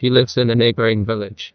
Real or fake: fake